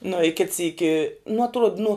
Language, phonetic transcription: Lithuanian, nu i kit ˈsyki nu atˈruod nu

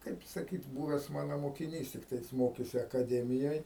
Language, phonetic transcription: Lithuanian, ˈkaip saˈkyt ˈbūves ˈmano mokiˈnys ˈtiktai ˈjis ˈmokėsi akaˈdemijoj

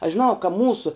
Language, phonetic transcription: Lithuanian, aš žiˈnau ka ˈmūsu

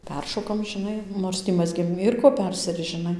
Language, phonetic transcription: Lithuanian, ˈperšokam žiˈnai ˈnors tį ˈmazgėm ˈyr ko ˈpersirisc žiˈnai

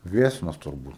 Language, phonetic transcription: Lithuanian, ˈviesnos turˈbūt

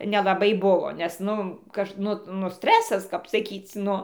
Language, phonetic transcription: Lithuanian, nelaˈbai ˈbuvo nes ˈnu ˈkaž ˈnu nu ˈstresas kap saˈkyc' ˈnu

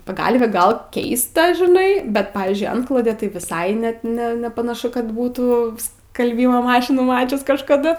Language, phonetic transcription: Lithuanian, paˈgalvė ˈgal ˈkeista žiˈnai ˈbet ˈpavyzdžiui ˈantklodė tai viˈsai ˈnet ˈne nepanaˈšu kad ˈbūtų skalˈbymo ˈmašinų ˈmačius kažkaˈdu

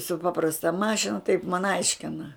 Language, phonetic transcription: Lithuanian, su ˈpaprasta ˈmašina taip man ˈaiškina

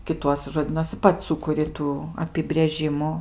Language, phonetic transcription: Lithuanian, kiˈtuosi žoˈdynuosi ˈpats ˈsukuri ˈtų apibrėˈžimu

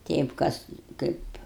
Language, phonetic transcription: Lithuanian, ˈteip ˈkas ˈkaip

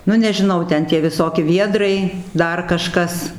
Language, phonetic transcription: Lithuanian, ˈnu nežiˈnau ˈten tie viˈsoki ˈviedrai ˈdar kaˈžkas

